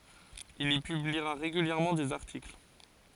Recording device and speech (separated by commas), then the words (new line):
forehead accelerometer, read sentence
Il y publiera régulièrement des articles.